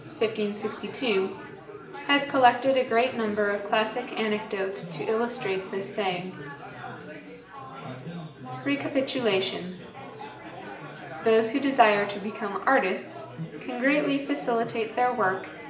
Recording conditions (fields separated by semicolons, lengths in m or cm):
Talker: one person; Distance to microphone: 1.8 m; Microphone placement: close; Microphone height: 1.0 m; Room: large; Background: babble